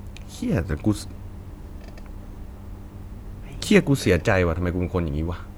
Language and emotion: Thai, frustrated